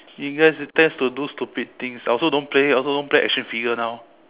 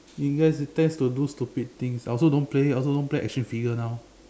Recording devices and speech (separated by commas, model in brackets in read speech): telephone, standing microphone, conversation in separate rooms